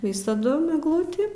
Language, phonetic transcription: Lithuanian, ˈvisadum egˈlutį

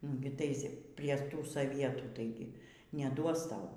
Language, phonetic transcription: Lithuanian, ˈnugi ˈtais ˈprie ˈtų soˈvietų taiˈgi neˈduos ˈtau

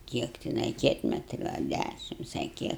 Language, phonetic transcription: Lithuanian, ˈkiek tiˈnai ˈkietmetriu a ˈdæšims a ˈkiek

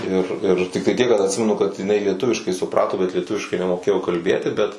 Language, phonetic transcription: Lithuanian, ir ir tikˈtai tiek kad atˈsimenu kad iˈnai lieˈtuviškai suˈprato bet lieˈtuviškai nemoˈkėjo kalˈbėti bet

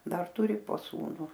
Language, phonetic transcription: Lithuanian, ˈdar ˈturi po ˈsūnu

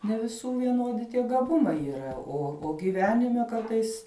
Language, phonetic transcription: Lithuanian, ne viˈsų vieˈnodi tie gaˈbumai yˈra o o giˈvenime ˈkartais

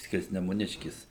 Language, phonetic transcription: Lithuanian, skirsnemuˈniškis

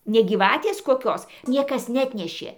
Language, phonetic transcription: Lithuanian, ne gyˈvatės koˈkios ˈniekas neˈatnešė

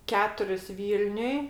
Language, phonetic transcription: Lithuanian, ˈketuris ˈvylniuj

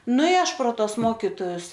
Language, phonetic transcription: Lithuanian, ˈnu i ˈaš pro ˈtos ˈmokitojus

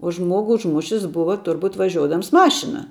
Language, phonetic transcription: Lithuanian, o ˈžmuogu užˈmušis ˈbuva ˈturbut vaˈžiuodams ˈmašina

